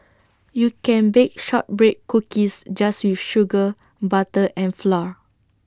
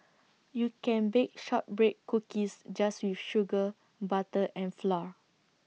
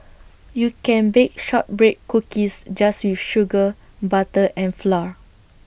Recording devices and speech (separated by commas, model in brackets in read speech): standing microphone (AKG C214), mobile phone (iPhone 6), boundary microphone (BM630), read sentence